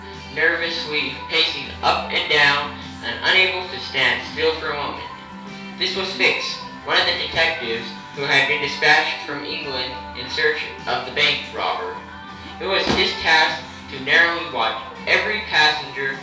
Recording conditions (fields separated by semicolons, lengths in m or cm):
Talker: one person; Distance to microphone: 3.0 m; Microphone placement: far; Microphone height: 1.8 m; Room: small (3.7 m by 2.7 m); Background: music